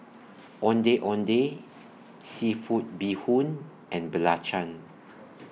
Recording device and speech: mobile phone (iPhone 6), read sentence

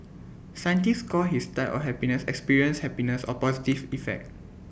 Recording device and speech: boundary microphone (BM630), read sentence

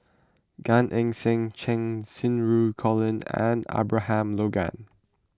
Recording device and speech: close-talking microphone (WH20), read sentence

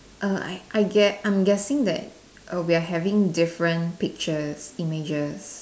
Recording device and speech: standing microphone, conversation in separate rooms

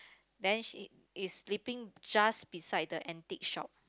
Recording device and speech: close-talking microphone, conversation in the same room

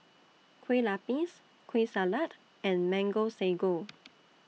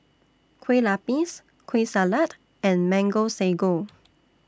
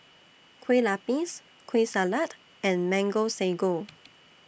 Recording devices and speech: mobile phone (iPhone 6), standing microphone (AKG C214), boundary microphone (BM630), read sentence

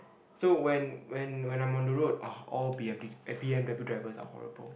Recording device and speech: boundary microphone, conversation in the same room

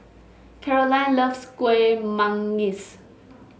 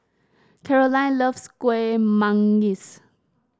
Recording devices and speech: mobile phone (Samsung S8), standing microphone (AKG C214), read sentence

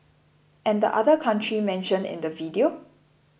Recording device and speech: boundary microphone (BM630), read sentence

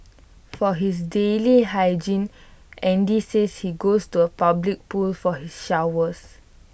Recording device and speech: boundary microphone (BM630), read sentence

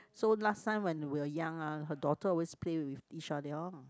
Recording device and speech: close-talking microphone, conversation in the same room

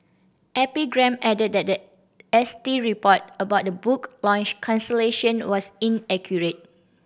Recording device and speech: boundary microphone (BM630), read sentence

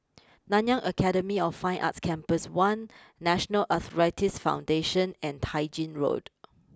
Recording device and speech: close-talking microphone (WH20), read sentence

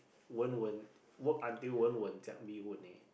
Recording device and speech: boundary microphone, conversation in the same room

